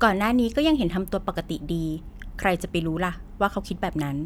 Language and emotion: Thai, neutral